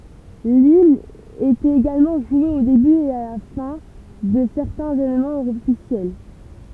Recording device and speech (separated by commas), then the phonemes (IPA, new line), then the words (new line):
temple vibration pickup, read sentence
limn etɛt eɡalmɑ̃ ʒwe o deby e la fɛ̃ də sɛʁtɛ̃z evenmɑ̃z ɔfisjɛl
L'hymne était également joué au début et la fin de certains événements officiels.